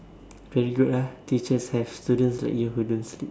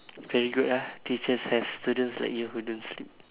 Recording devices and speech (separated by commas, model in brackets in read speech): standing microphone, telephone, conversation in separate rooms